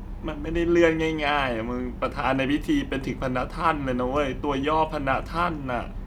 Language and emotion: Thai, sad